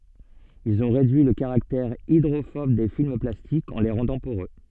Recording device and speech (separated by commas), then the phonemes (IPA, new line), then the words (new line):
soft in-ear microphone, read sentence
ilz ɔ̃ ʁedyi lə kaʁaktɛʁ idʁofɔb de film plastikz ɑ̃ le ʁɑ̃dɑ̃ poʁø
Ils ont réduit le caractère hydrophobe des films plastiques en les rendant poreux.